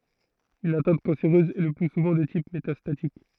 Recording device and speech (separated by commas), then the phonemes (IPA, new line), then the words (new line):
throat microphone, read sentence
yn atɛ̃t kɑ̃seʁøz ɛ lə ply suvɑ̃ də tip metastatik
Une atteinte cancéreuse est le plus souvent de type métastatique.